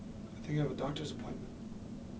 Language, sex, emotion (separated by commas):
English, male, neutral